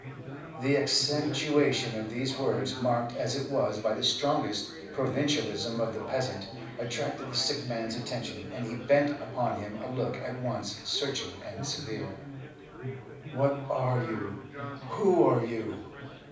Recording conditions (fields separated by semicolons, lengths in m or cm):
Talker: one person; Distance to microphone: 5.8 m; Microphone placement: far; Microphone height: 1.8 m; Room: medium-sized (5.7 m by 4.0 m); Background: babble